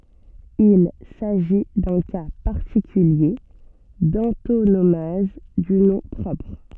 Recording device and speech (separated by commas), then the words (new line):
soft in-ear microphone, read sentence
Il s'agit d'un cas particulier d'antonomase du nom propre.